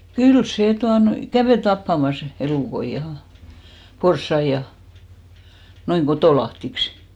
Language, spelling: Finnish, kyllä se tuota noin kävi tappamassa elukoita ja porsaita ja noin kotolahdiksi
- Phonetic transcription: 'kyl sè 'tuano(i) , 'kävè "tappamas , 'elùkoij ja , 'porssaij ja , 'noiŋ "kotòlahtiks .

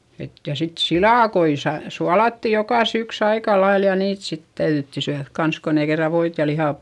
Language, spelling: Finnish, että ja sitten silakoita - suolattiin joka syksy aika lailla ja niitä sitten täydyttiin syödä kanssa kun ei kerran voita ja lihaa
- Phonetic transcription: et , ja sit silàkoi sa- , sualatti jokà syks ‿aika lail ja niit sit täyδytti syäδk kans kon ‿ei kerra voit ja liha ,.

